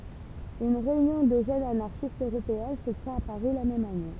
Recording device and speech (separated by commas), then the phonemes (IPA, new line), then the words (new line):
temple vibration pickup, read sentence
yn ʁeynjɔ̃ də ʒønz anaʁʃistz øʁopeɛ̃ sə tjɛ̃t a paʁi la mɛm ane
Une réunion de jeunes anarchistes Européen se tient à Paris la même année.